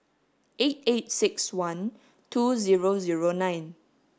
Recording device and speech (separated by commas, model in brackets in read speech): standing microphone (AKG C214), read sentence